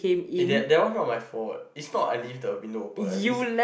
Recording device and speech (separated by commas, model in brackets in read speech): boundary microphone, conversation in the same room